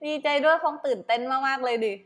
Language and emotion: Thai, happy